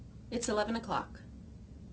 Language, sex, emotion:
English
female
neutral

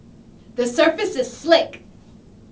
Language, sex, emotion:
English
female
angry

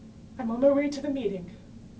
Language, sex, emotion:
English
female
neutral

